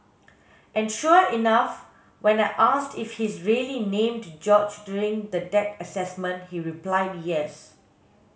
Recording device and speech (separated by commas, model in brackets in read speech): mobile phone (Samsung S8), read sentence